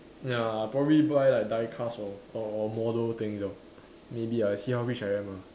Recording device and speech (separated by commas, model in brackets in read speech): standing microphone, conversation in separate rooms